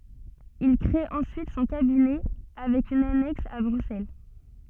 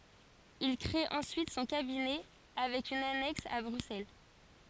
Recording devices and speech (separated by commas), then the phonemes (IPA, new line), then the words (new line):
soft in-ear microphone, forehead accelerometer, read sentence
il kʁee ɑ̃syit sɔ̃ kabinɛ avɛk yn anɛks a bʁyksɛl
Il créé ensuite son cabinet avec une annexe à Bruxelles.